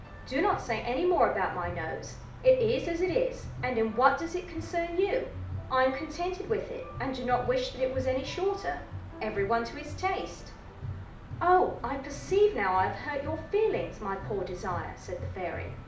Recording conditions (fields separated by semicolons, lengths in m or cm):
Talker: one person; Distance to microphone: 2.0 m; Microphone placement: close; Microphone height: 99 cm; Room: medium-sized (5.7 m by 4.0 m); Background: music